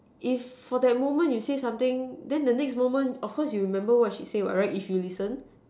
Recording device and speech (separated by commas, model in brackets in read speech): standing microphone, conversation in separate rooms